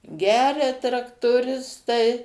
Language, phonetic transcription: Lithuanian, ˈgeria traktoˈristai

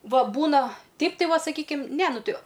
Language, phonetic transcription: Lithuanian, ˈva ˈbūna ˈteip tai ˈva saˈkykim ne ˈnu ˈti

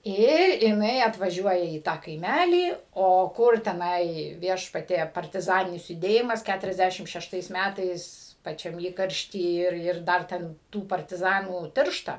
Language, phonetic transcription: Lithuanian, ˈir jiˈnai atvaˈžiuoja į ˈtą kaiˈmælį ˈo ˈkur teˈnai ˈviešpatie partiˈzaninis juˈdėjimas ˈkæturiasˌdæšim šešˈtais ˈmætais paˈčiam ˈįkaršty ˈir ˈir ˈdar ten ˈtų partiˈzanų ˈtiršta

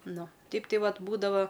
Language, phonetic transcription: Lithuanian, ˈnu ˈteip ˈtai ˈvat ˈbūdava

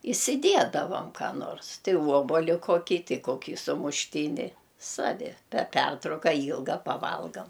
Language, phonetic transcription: Lithuanian, isiˈdiedavam ką ˈnors tei ˈvuoboli koˈkį ˈtei ˈkokį sumušˈtyni ˈsavi per ˈpertrauka ˈylga paˈvalgam

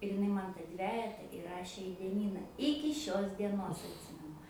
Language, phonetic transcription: Lithuanian, ir iˈnai ˈman ta ˈdvejeta įˈrašė į dieˈnyna ˈiki šios dieˈnos atˈsimenu

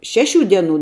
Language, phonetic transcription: Lithuanian, ˈšeˌšių ˈdieˌnų

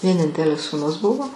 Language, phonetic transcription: Lithuanian, vieˈnintelis sūˈnus ˈbuvo

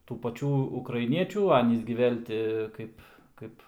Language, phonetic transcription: Lithuanian, tų paˈčių ukraiˈniečių ˈanys gi ˈvėl' ti ˈkaip ˈkaip

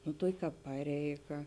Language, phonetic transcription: Lithuanian, nu ˈtuoki ˈkāp ˈpareiˌga

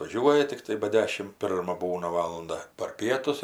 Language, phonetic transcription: Lithuanian, vaˈžiuoja tikˈtai ba ˈdešim ˈpirma ˈbūna ˈvalunda par ˈpietus ir

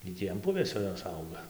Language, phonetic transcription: Lithuanian, gi ˈtį an ˈpuvėsio ˈjos ˈauga

